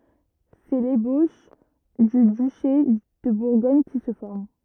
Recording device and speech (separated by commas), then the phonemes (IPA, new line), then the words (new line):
rigid in-ear microphone, read sentence
sɛ leboʃ dy dyʃe də buʁɡɔɲ ki sə fɔʁm
C'est l'ébauche du duché de Bourgogne qui se forme.